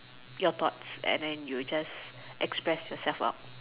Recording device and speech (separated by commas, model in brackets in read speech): telephone, conversation in separate rooms